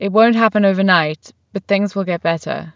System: none